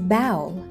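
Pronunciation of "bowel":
This is an incorrect pronunciation of 'bowl': it is said like 'bowel', without the O sound.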